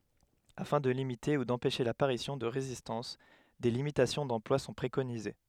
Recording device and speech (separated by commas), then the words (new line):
headset microphone, read sentence
Afin de limiter ou d'empêcher l'apparition de résistance, des limitations d'emploi sont préconisées.